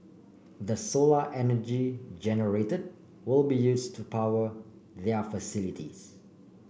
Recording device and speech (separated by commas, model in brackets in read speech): boundary microphone (BM630), read sentence